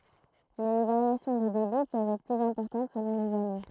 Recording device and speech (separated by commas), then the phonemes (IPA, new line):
throat microphone, read sentence
mɛ le vaʁjasjɔ̃ də debi pøvt ɛtʁ plyz ɛ̃pɔʁtɑ̃t səlɔ̃ lez ane